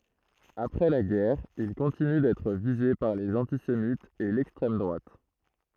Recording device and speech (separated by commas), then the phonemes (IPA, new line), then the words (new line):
throat microphone, read sentence
apʁɛ la ɡɛʁ il kɔ̃tiny dɛtʁ vize paʁ lez ɑ̃tisemitz e lɛkstʁɛm dʁwat
Après la guerre, il continue d'être visé par les antisémites et l'extrême droite.